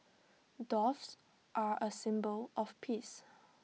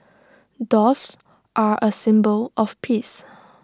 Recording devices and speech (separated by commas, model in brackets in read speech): mobile phone (iPhone 6), standing microphone (AKG C214), read sentence